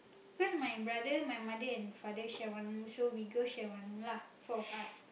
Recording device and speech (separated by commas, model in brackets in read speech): boundary microphone, conversation in the same room